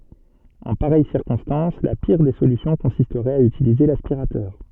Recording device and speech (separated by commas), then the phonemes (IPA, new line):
soft in-ear microphone, read sentence
ɑ̃ paʁɛj siʁkɔ̃stɑ̃s la piʁ de solysjɔ̃ kɔ̃sistʁɛt a ytilize laspiʁatœʁ